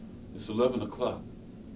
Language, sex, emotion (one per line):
English
male
neutral